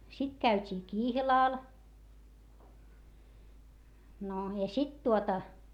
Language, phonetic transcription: Finnish, sit käyt́ii kihlàl , no , ja sit tuota , .
- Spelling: sitten käytiin kihlalla no ja sitten tuota

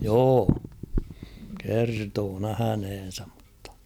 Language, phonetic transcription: Finnish, 'joo ; kertoo 'nähänhen̬säm ᴍᴜttᴀ .
- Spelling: joo kertoi nähneensä mutta

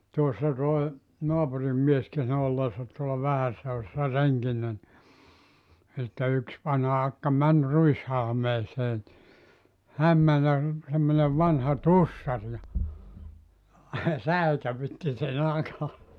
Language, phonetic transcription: Finnish, 'tuossa toi , 'noapurim mies (kerto) 'olleesat tuolla 'Vähässä Jousassa 'reŋkinnä ni , sitte yks 'vanha 'akka 'män 'ruishalmeesee ni , "häm 'män ja r- , semmonev 'vanha "tussar ja , "säikävytti se'n ‿aka .
- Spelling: tuossa tuo naapurin mies kertoi olleensa tuolla Vähässä Joutsassa renkinä niin sitten yksi vanha akka meni ruishalmeeseen niin hän meni ja - semmoinen vanha tussari ja säikäytti sen akan

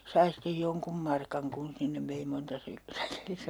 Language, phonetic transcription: Finnish, 'sai stej 'joŋkum 'markaŋ kun 'sinnev 'vei 'monta sy- , 'säkillis(tä) .
- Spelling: sai sitten jonkun markan kun sinne vei monta - säkillistä

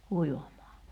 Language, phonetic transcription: Finnish, 'kuivam̀aa .
- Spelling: kuivamaan

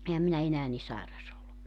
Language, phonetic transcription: Finnish, 'ehäm minä 'enää ni "saeras ‿ollu .
- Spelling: enhän minä enää niin sairas ollut

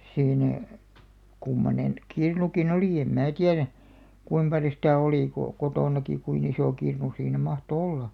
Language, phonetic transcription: Finnish, siinä , kummonen , 'kirnuki"n ‿olì em 'mää "tiärä , kuim paljo sitä̀ 'olì ko , 'kotònaki 'kuin ‿isò 'kirnu siinä 'mahto "olla .
- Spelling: siinä kummoinen kirnukin oli en minä tiedä kuinka paljon sitä oli kun kotonakin kuinka iso kirnu siinä mahtoi olla

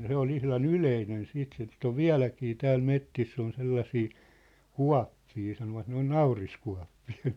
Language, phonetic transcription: Finnish, 'se ‿ol 'ihlan "yleinen 'siit sit ‿ov "viä̭läkii 'tääl 'mettiss ‿on 'sellasii , "kua̭ppii sanovat ne ‿on "nauriskua̭ppii .
- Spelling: se oli ihan yleinen sitten sitä on vieläkin täällä metsissä on sellaisia kuoppia sanovat ne on nauriskuoppia

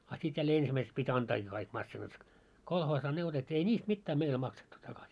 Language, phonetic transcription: Finnish, a sit jällee 'ensimäiseks pit́ 'antaakii kaik massinat , 'kolhoosaa ne otet́t́ii ei "ńiist 'mittää meil 'maksettu takas .
- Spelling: a sitten jälleen ensimmäiseksi piti antaakin kaikki masiinat kolhoosiin ne otettiin ei niistä mitään meillä maksettu takaisin

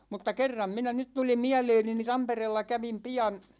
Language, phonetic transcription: Finnish, mutta "kerram 'minä , 'nyt tuli "miäleeni ni 'Tampereella 'kävim 'pi₍an .
- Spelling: mutta kerran minä nyt tuli mieleeni niin Tampereella kävin pian

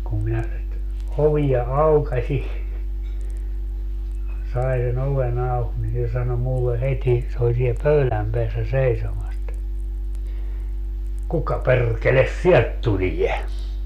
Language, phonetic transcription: Finnish, kum minä , 'oviʲa "aukaśi , 'sai se'n ‿ove'n ‿auk ni se 'sano 'mulle "heti , se ol sie "pöyläm peässä "seisomas (e)t , » 'kuka 'perrkeles "siɛlt 'tuliʲe ?
- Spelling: kun minä ovea aukaisin sain sen oven auki niin se sanoi minulle heti se oli siellä pöydän päässä seisomassa että kuka perkele sieltä tulee

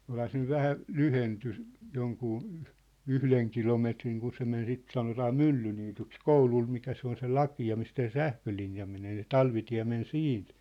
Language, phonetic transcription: Finnish, 'olha se nyv 'vähä , "lyhenty , 'joŋkuu , "yhleŋ 'kilometriŋ kun se men 'sit 'sanotaa "Myllyniityks "koulul mikä se ‿on se "laki₍a mistä se "sähkölinja menee se "talvitiä̭ men "siint .
- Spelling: olihan se nyt vähän lyhentynyt jonkun yhden kilometrin kun se meni sitä sanotaan Myllyniityksi koululla mikä se on se lakea mistä se sähkölinja menee se talvitie meni siitä

